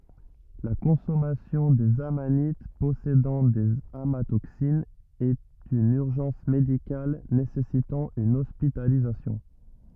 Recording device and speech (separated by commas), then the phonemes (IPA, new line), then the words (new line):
rigid in-ear microphone, read sentence
la kɔ̃sɔmasjɔ̃ dez amanit pɔsedɑ̃ dez amatoksinz ɛt yn yʁʒɑ̃s medikal nesɛsitɑ̃ yn ɔspitalizasjɔ̃
La consommation des amanites possédant des amatoxines est une urgence médicale nécessitant une hospitalisation.